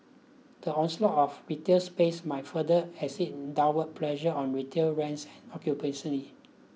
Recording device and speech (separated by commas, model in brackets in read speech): mobile phone (iPhone 6), read sentence